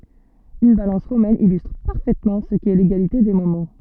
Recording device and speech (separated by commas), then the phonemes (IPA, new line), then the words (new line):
soft in-ear microphone, read sentence
yn balɑ̃s ʁomɛn ilystʁ paʁfɛtmɑ̃ sə kɛ leɡalite de momɑ̃
Une balance romaine illustre parfaitement ce qu'est l'égalité des moments.